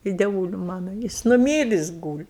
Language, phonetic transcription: Lithuanian, i deˈvūli ˈmano ˈjis nuˈmyris ˈgūli

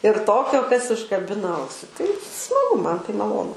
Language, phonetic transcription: Lithuanian, ir ˈtokio kas užkaˈbina ˈausi tai smaˈgu ˈman tai maˈlonu

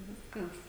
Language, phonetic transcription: Lithuanian, ˈviskas

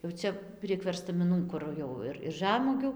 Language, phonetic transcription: Lithuanian, jau ˈcia prieg verstamiˈnų kur ˈjau ir ir ˈžamuogių

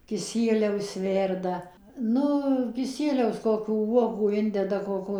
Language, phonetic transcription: Lithuanian, kiˈsieliaus ˈverda ˈnu kiˈsieliaus ˈkokių ˈuogų ˈindeda ˈkoko

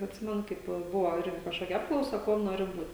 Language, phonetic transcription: Lithuanian, atˈsimenu ˈkaip ˈbuvo ˈirgi kažˈkokia ˈapklausa ˈkuom ˈnori ˈbūt'

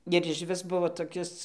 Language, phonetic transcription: Lithuanian, ir išˈvis ˈbuvo toˈkis

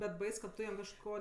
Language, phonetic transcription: Lithuanian, bet ˈbais kad ˈtu jam kažˈko

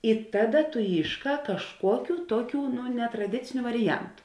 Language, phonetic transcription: Lithuanian, i ˈtaˌda tu ˈyšˌkā kažˈkuokiu ˈtuoˌkių netraˈdiciniu variˈjantu

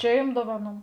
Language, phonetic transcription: Lithuanian, ˈčia jum ˈdovaˌnų

